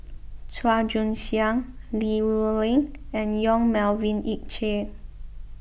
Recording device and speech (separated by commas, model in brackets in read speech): boundary microphone (BM630), read sentence